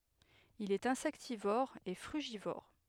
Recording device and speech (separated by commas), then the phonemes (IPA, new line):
headset microphone, read sentence
il ɛt ɛ̃sɛktivɔʁ e fʁyʒivɔʁ